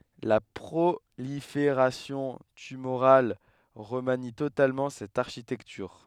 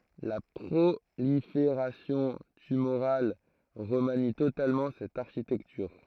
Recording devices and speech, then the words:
headset microphone, throat microphone, read sentence
La prolifération tumorale remanie totalement cette architecture.

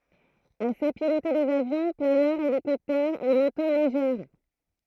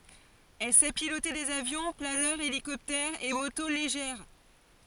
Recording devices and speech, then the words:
throat microphone, forehead accelerometer, read sentence
Elle sait piloter des avions, planeurs, hélicoptères et motos légères.

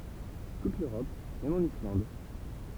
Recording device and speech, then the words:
temple vibration pickup, read sentence
Toute l'Europe, même en Islande.

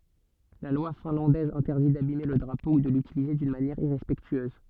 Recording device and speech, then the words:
soft in-ear microphone, read sentence
La loi finlandaise interdit d'abimer le drapeau ou de l'utiliser d'une manière irrespectueuse.

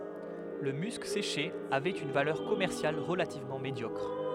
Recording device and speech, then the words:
headset microphone, read sentence
Le musc séché avait une valeur commerciale relativement médiocre.

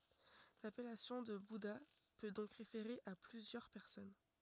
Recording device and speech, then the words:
rigid in-ear microphone, read sentence
L'appellation de bouddha peut donc référer à plusieurs personnes.

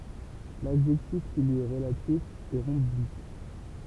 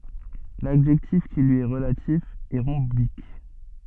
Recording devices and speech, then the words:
temple vibration pickup, soft in-ear microphone, read sentence
L'adjectif qui lui est relatif est rhombique.

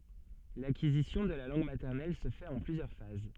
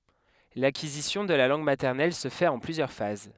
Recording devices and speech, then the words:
soft in-ear microphone, headset microphone, read sentence
L'acquisition de la langue maternelle se fait en plusieurs phases.

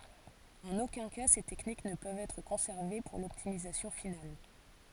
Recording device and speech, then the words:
forehead accelerometer, read sentence
En aucun cas ces techniques ne peuvent être conservées pour l'optimisation finale.

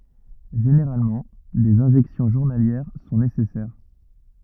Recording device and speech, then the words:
rigid in-ear microphone, read sentence
Généralement, des injections journalières sont nécessaires.

